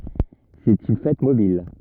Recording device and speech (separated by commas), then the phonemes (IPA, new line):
rigid in-ear microphone, read sentence
sɛt yn fɛt mobil